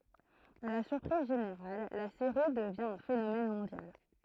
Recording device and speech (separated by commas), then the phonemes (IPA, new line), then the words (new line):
throat microphone, read sentence
a la syʁpʁiz ʒeneʁal la seʁi dəvjɛ̃ œ̃ fenomɛn mɔ̃djal
À la surprise générale, la série devient un phénomène mondial.